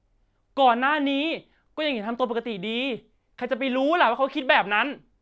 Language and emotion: Thai, angry